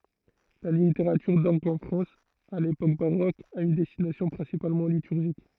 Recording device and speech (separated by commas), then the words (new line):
throat microphone, read sentence
La littérature d'orgue en France à l'époque baroque a une destination principalement liturgique.